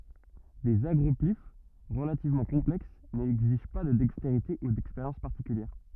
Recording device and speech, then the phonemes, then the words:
rigid in-ear microphone, read sentence
dez aɡʁɔplif ʁəlativmɑ̃ kɔ̃plɛks nɛɡziʒ pa də dɛksteʁite u dɛkspeʁjɑ̃s paʁtikyljɛʁ
Des agroplyphes relativement complexes n'exigent pas de dextérité ou d'expérience particulière.

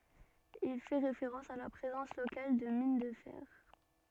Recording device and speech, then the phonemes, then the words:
soft in-ear microphone, read sentence
il fɛ ʁefeʁɑ̃s a la pʁezɑ̃s lokal də min də fɛʁ
Il fait référence à la présence locale de mines de fer.

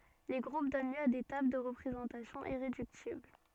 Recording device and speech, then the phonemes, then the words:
soft in-ear microphone, read sentence
le ɡʁup dɔn ljø a de tabl də ʁəpʁezɑ̃tasjɔ̃ iʁedyktibl
Les groupes donnent lieu à des tables de représentation irréductibles.

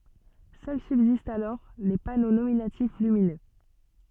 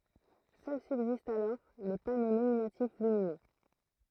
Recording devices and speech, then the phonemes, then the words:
soft in-ear microphone, throat microphone, read sentence
sœl sybzistt alɔʁ le pano nominatif lyminø
Seuls subsistent alors les panneaux nominatifs lumineux.

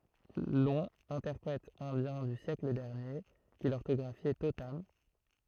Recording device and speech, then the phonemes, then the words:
throat microphone, read sentence
lɔ̃ ɛ̃tɛʁpʁɛt ɛ̃djɛ̃ dy sjɛkl dɛʁnje ki lɔʁtɔɡʁafjɛ totam
Long, interprète indien du siècle dernier, qui l’orthographiait totam.

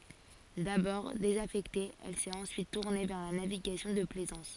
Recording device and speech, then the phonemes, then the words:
forehead accelerometer, read sentence
dabɔʁ dezafɛkte ɛl sɛt ɑ̃syit tuʁne vɛʁ la naviɡasjɔ̃ də plɛzɑ̃s
D'abord désaffectée, elle s'est ensuite tournée vers la navigation de plaisance.

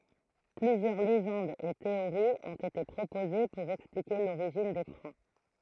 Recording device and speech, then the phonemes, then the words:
throat microphone, read sentence
plyzjœʁ leʒɑ̃dz e teoʁiz ɔ̃t ete pʁopoze puʁ ɛksplike loʁiʒin de fʁɑ̃
Plusieurs légendes et théories ont été proposées pour expliquer l'origine des Francs.

